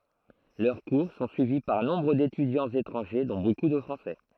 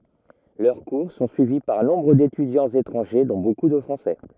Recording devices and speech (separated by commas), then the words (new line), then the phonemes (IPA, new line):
throat microphone, rigid in-ear microphone, read sentence
Leurs cours sont suivis par nombre d'étudiants étrangers, dont beaucoup de Français.
lœʁ kuʁ sɔ̃ syivi paʁ nɔ̃bʁ detydjɑ̃z etʁɑ̃ʒe dɔ̃ boku də fʁɑ̃sɛ